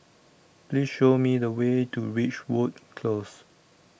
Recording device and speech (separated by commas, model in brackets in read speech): boundary microphone (BM630), read sentence